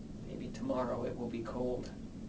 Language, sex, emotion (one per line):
English
male
neutral